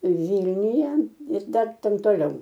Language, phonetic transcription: Lithuanian, ˈvylniuje ir ˈdar ˈten toˈliau

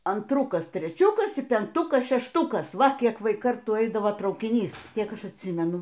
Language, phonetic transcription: Lithuanian, antˈrukas treˈčiukas y penkˈtukas šešˈtukas ˈva ˈkiek ˈvai ˈkartų ˈeidavo traukiˈnys ˈkiek ˈaš atˈsymenu

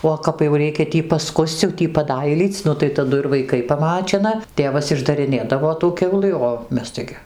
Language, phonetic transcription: Lithuanian, o kap jau ˈreikia ˈtį paˈskus'c' jau ˈtį paˈdailyc' ˈnu tai taˈdu ir vaiˈkai paˈmačina ˈtėvas išdariˈnėdavo tų ˈkiaulɨ o ˈmes ˈtaigi

